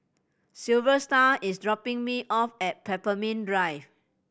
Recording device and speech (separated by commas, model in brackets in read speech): boundary microphone (BM630), read sentence